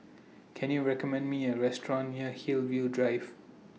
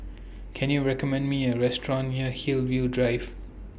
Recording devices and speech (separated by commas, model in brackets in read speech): mobile phone (iPhone 6), boundary microphone (BM630), read sentence